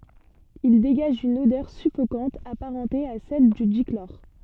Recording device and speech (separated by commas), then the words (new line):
soft in-ear microphone, read sentence
Il dégage une odeur suffocante apparentée à celle du dichlore.